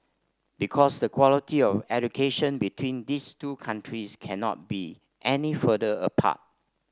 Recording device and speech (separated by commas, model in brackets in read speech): standing microphone (AKG C214), read sentence